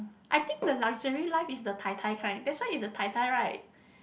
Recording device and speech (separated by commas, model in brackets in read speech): boundary microphone, conversation in the same room